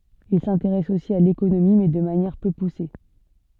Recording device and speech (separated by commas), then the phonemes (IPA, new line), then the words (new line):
soft in-ear microphone, read sentence
il sɛ̃teʁɛs osi a lekonomi mɛ də manjɛʁ pø puse
Il s'intéresse aussi à l'économie, mais de manière peu poussée.